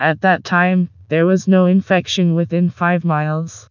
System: TTS, vocoder